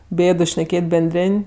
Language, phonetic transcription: Lithuanian, ˈbėdu šneˈkėt' benˈdrėn'

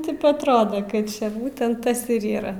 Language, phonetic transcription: Lithuanian, ˈtip atˈroda kad ˈčia ˈbūtent ˈtas ir ˈyra

